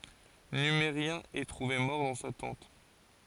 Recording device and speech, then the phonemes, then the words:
forehead accelerometer, read sentence
nymeʁjɛ̃ ɛ tʁuve mɔʁ dɑ̃ sa tɑ̃t
Numérien est trouvé mort dans sa tente.

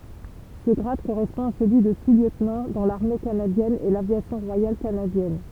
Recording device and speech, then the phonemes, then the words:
temple vibration pickup, read sentence
sə ɡʁad koʁɛspɔ̃ a səlyi də susljøtnɑ̃ dɑ̃ laʁme kanadjɛn e lavjasjɔ̃ ʁwajal kanadjɛn
Ce grade correspond à celui de sous-lieutenant dans l'Armée canadienne et l'Aviation royale canadienne.

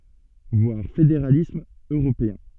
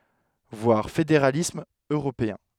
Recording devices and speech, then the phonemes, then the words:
soft in-ear microphone, headset microphone, read sentence
vwaʁ fedeʁalism øʁopeɛ̃
Voir Fédéralisme européen.

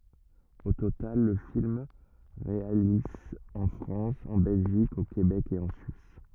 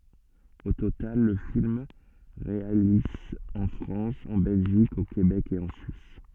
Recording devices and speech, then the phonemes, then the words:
rigid in-ear microphone, soft in-ear microphone, read sentence
o total lə film ʁealiz ɑ̃ fʁɑ̃s ɑ̃ bɛlʒik o kebɛk e ɑ̃ syis
Au total, le film réalise en France, en Belgique, au Québec et en Suisse.

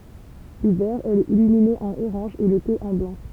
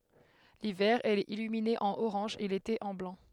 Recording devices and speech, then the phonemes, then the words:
temple vibration pickup, headset microphone, read sentence
livɛʁ ɛl ɛt ilymine ɑ̃n oʁɑ̃ʒ e lete ɑ̃ blɑ̃
L'hiver, elle est illuminée en orange et l'été en blanc.

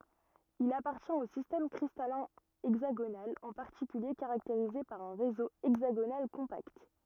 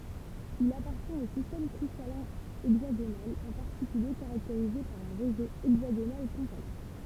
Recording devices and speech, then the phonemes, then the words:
rigid in-ear microphone, temple vibration pickup, read sentence
il apaʁtjɛ̃t o sistɛm kʁistalɛ̃ ɛɡzaɡonal ɑ̃ paʁtikylje kaʁakteʁize paʁ œ̃ ʁezo ɛɡzaɡonal kɔ̃pakt
Il appartient au système cristallin hexagonal, en particulier caractérisé par un réseau hexagonal compact.

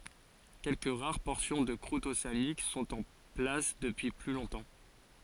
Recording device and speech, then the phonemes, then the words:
forehead accelerometer, read sentence
kɛlkə ʁaʁ pɔʁsjɔ̃ də kʁut oseanik sɔ̃t ɑ̃ plas dəpyi ply lɔ̃tɑ̃
Quelques rares portions de croûte océanique sont en place depuis plus longtemps.

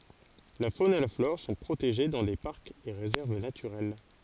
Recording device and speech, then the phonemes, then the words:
forehead accelerometer, read sentence
la fon e la flɔʁ sɔ̃ pʁoteʒe dɑ̃ de paʁkz e ʁezɛʁv natyʁɛl
La faune et la flore sont protégées dans des parcs et réserves naturels.

